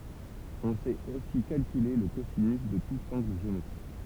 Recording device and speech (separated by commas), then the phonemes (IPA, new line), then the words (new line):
temple vibration pickup, read sentence
ɔ̃ sɛt osi kalkyle lə kozinys də tut ɑ̃ɡl ʒeometʁik
On sait aussi calculer le cosinus de tout angle géométrique.